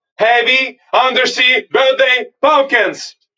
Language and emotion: English, neutral